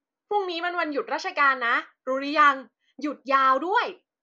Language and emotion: Thai, happy